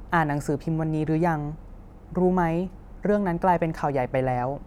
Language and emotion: Thai, neutral